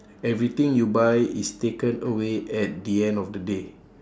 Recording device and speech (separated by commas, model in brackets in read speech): standing microphone, conversation in separate rooms